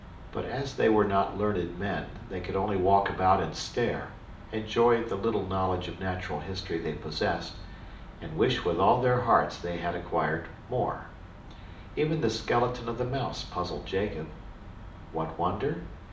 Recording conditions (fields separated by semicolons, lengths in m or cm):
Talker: one person; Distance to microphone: 2.0 m; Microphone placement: close; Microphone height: 99 cm; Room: medium-sized (5.7 m by 4.0 m); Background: none